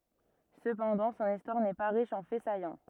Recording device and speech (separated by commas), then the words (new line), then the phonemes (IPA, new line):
rigid in-ear microphone, read sentence
Cependant, son histoire n’est pas riche en faits saillants.
səpɑ̃dɑ̃ sɔ̃n istwaʁ nɛ pa ʁiʃ ɑ̃ fɛ sajɑ̃